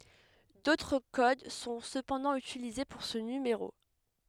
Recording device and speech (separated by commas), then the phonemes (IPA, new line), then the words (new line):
headset microphone, read sentence
dotʁ kod sɔ̃ səpɑ̃dɑ̃ ytilize puʁ sə nymeʁo
D'autres codes sont cependant utilisés pour ce numéro.